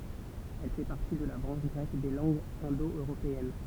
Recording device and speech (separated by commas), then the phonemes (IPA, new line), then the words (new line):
temple vibration pickup, read sentence
ɛl fɛ paʁti də la bʁɑ̃ʃ ɡʁɛk de lɑ̃ɡz ɛ̃do øʁopeɛn
Elle fait partie de la branche grecque des langues indo-européennes.